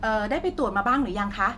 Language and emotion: Thai, neutral